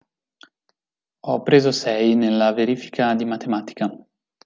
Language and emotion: Italian, neutral